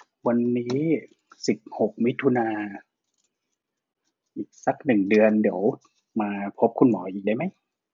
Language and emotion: Thai, neutral